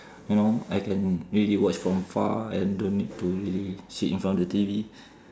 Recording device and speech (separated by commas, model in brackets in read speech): standing microphone, conversation in separate rooms